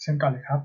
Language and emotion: Thai, neutral